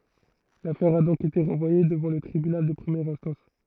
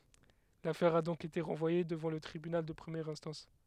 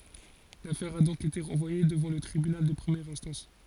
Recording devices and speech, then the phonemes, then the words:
throat microphone, headset microphone, forehead accelerometer, read sentence
lafɛʁ a dɔ̃k ete ʁɑ̃vwaje dəvɑ̃ lə tʁibynal də pʁəmjɛʁ ɛ̃stɑ̃s
L'affaire a donc été renvoyée devant le tribunal de première instance.

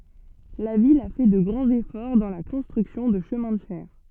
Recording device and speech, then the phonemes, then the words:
soft in-ear microphone, read sentence
la vil a fɛ də ɡʁɑ̃z efɔʁ dɑ̃ la kɔ̃stʁyksjɔ̃ də ʃəmɛ̃ də fɛʁ
La ville a fait de grands efforts dans la construction de chemins de fer.

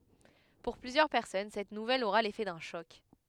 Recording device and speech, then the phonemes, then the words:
headset microphone, read sentence
puʁ plyzjœʁ pɛʁsɔn sɛt nuvɛl oʁa lefɛ dœ̃ ʃɔk
Pour plusieurs personnes, cette nouvelle aura l’effet d’un choc.

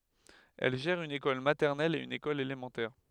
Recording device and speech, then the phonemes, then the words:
headset microphone, read sentence
ɛl ʒɛʁ yn ekɔl matɛʁnɛl e yn ekɔl elemɑ̃tɛʁ
Elle gère une école maternelle et une école élémentaire.

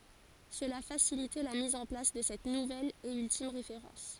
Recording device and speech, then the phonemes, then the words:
forehead accelerometer, read sentence
səla fasilitɛ la miz ɑ̃ plas də sɛt nuvɛl e yltim ʁefeʁɑ̃s
Cela facilitait la mise en place de cette nouvelle et ultime référence.

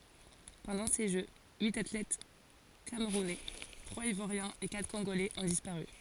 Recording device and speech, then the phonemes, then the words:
forehead accelerometer, read sentence
pɑ̃dɑ̃ se ʒø yit atlɛt kamʁunɛ tʁwaz ivwaʁjɛ̃z e katʁ kɔ̃ɡolɛz ɔ̃ dispaʁy
Pendant ces Jeux, huit athlètes camerounais, trois ivoiriens et quatre congolais ont disparu.

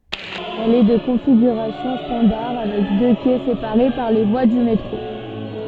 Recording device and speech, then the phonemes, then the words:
soft in-ear microphone, read sentence
ɛl ɛ də kɔ̃fiɡyʁasjɔ̃ stɑ̃daʁ avɛk dø kɛ sepaʁe paʁ le vwa dy metʁo
Elle est de configuration standard avec deux quais séparés par les voies du métro.

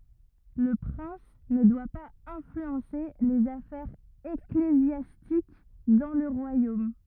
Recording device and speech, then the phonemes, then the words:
rigid in-ear microphone, read sentence
lə pʁɛ̃s nə dwa paz ɛ̃flyɑ̃se lez afɛʁz eklezjastik dɑ̃ lə ʁwajom
Le prince ne doit pas influencer les affaires ecclésiastiques dans le royaume.

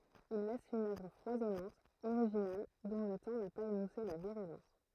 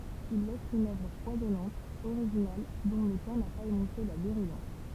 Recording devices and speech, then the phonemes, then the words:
throat microphone, temple vibration pickup, read sentence
il lɛs yn œvʁ fwazɔnɑ̃t oʁiʒinal dɔ̃ lə tɑ̃ na paz emuse la viʁylɑ̃s
Il laisse une œuvre foisonnante, originale, dont le temps n'a pas émoussé la virulence.

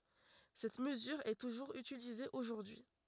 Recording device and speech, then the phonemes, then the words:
rigid in-ear microphone, read sentence
sɛt məzyʁ ɛ tuʒuʁz ytilize oʒuʁdyi
Cette mesure est toujours utilisée aujourd'hui.

